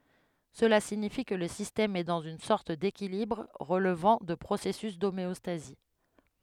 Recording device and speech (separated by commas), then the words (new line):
headset microphone, read sentence
Cela signifie que le système est dans une sorte d'équilibre, relevant de processus d'homéostasie.